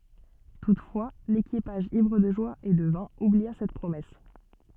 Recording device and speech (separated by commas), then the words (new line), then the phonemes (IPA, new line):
soft in-ear microphone, read sentence
Toutefois, l’équipage ivre de joie et de vin oublia cette promesse.
tutfwa lekipaʒ ivʁ də ʒwa e də vɛ̃ ublia sɛt pʁomɛs